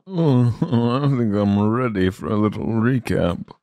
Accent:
posh accent